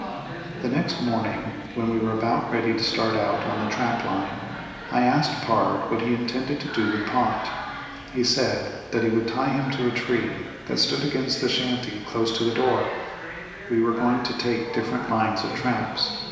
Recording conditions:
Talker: one person; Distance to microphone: 1.7 m; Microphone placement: close; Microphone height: 1.0 m; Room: very reverberant, large; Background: television

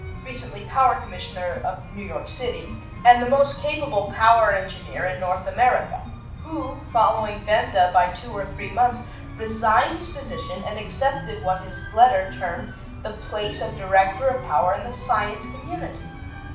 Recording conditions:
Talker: one person; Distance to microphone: 5.8 m; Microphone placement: far; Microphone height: 1.8 m; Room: medium-sized (5.7 m by 4.0 m); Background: music

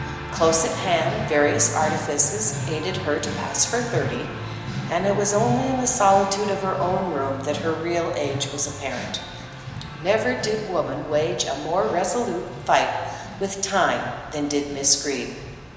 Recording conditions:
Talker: one person; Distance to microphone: 1.7 m; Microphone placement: close; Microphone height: 1.0 m; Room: very reverberant, large; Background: music

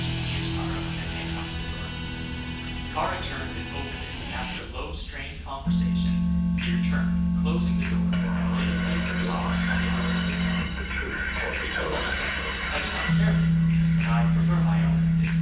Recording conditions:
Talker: one person; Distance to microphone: 9.8 m; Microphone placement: far; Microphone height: 1.8 m; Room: large; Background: music

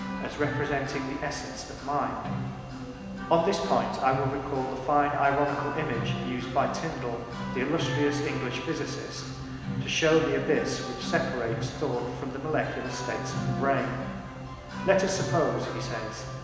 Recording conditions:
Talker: one person; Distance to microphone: 1.7 m; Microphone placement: close; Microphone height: 1.0 m; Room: very reverberant, large; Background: music

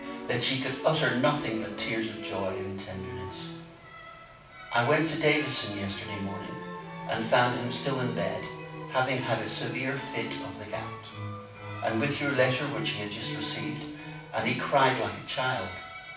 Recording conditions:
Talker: one person; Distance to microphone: 5.8 m; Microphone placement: far; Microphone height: 1.8 m; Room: medium-sized (5.7 m by 4.0 m); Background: music

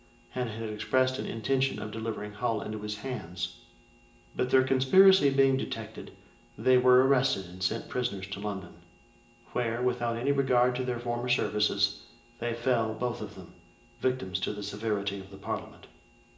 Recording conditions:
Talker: one person; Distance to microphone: 1.8 m; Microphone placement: close; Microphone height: 1.0 m; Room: large; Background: none

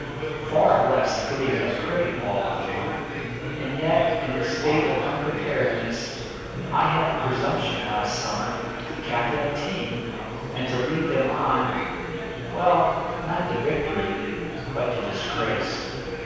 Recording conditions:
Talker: one person; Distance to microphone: 7.1 m; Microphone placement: far; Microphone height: 1.7 m; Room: very reverberant, large; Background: babble

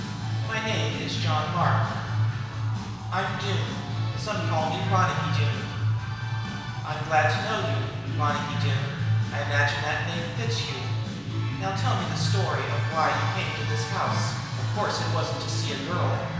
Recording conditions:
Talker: one person; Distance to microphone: 1.7 m; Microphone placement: close; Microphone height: 1.0 m; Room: very reverberant, large; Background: music

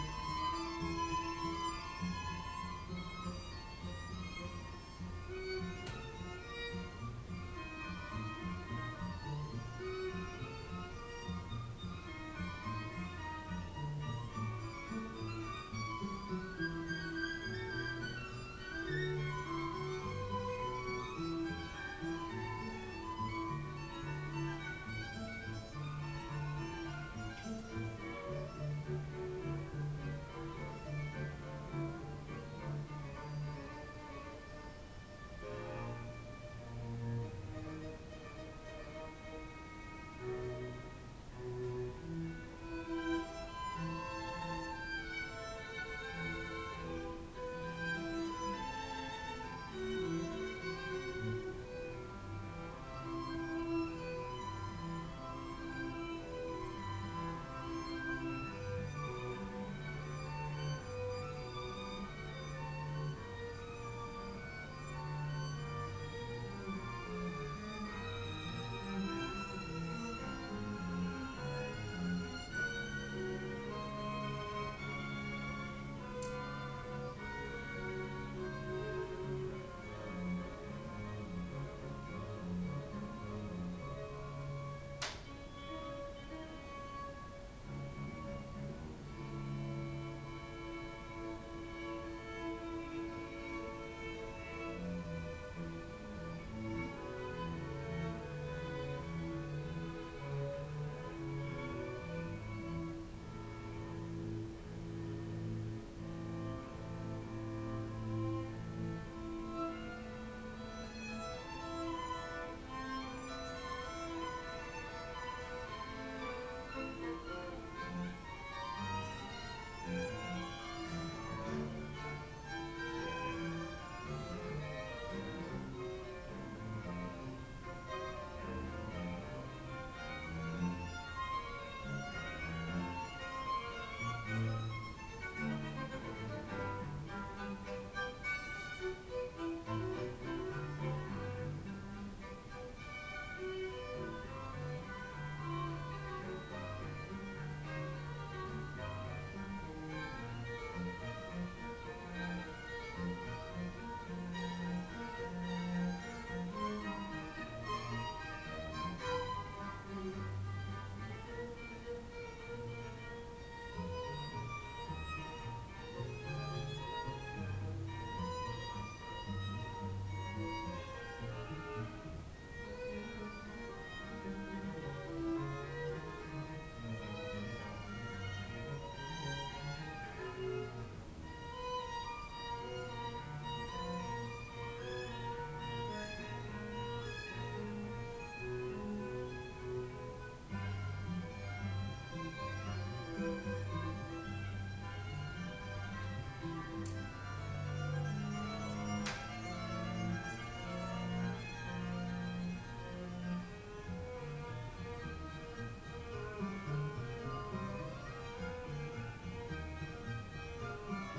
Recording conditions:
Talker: no one; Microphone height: 1.8 m; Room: small (3.7 m by 2.7 m); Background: music

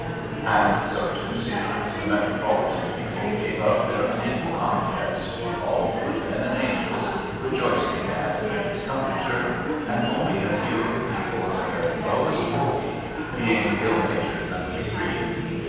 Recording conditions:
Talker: one person; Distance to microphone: 7.1 m; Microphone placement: far; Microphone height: 1.7 m; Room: very reverberant, large; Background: babble

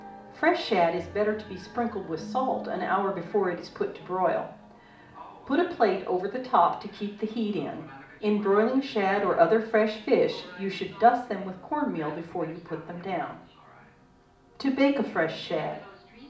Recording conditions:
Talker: one person; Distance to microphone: 2.0 m; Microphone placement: close; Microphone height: 99 cm; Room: medium-sized (5.7 m by 4.0 m); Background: television

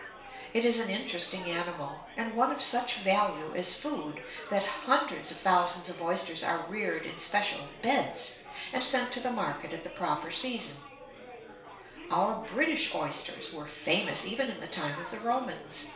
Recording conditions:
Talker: one person; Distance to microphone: 1.0 m; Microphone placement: close; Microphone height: 1.1 m; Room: small (3.7 m by 2.7 m); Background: babble

